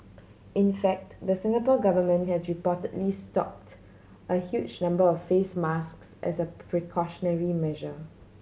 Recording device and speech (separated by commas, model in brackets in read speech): mobile phone (Samsung C7100), read sentence